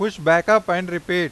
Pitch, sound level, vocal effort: 175 Hz, 99 dB SPL, very loud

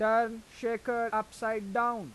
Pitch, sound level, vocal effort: 225 Hz, 94 dB SPL, loud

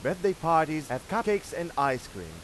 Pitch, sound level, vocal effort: 160 Hz, 97 dB SPL, loud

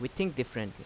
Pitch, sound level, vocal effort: 125 Hz, 84 dB SPL, loud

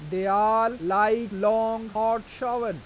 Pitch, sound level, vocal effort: 220 Hz, 97 dB SPL, loud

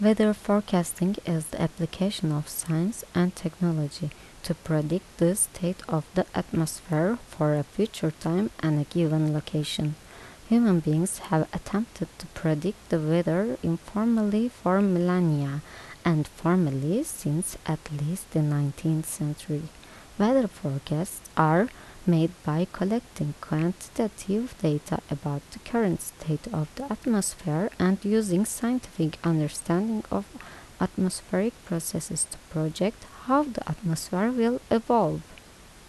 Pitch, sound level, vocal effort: 175 Hz, 75 dB SPL, soft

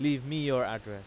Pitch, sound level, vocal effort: 130 Hz, 94 dB SPL, very loud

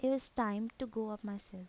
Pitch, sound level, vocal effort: 220 Hz, 80 dB SPL, soft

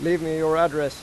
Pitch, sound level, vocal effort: 160 Hz, 95 dB SPL, loud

